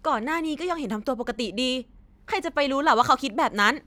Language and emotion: Thai, frustrated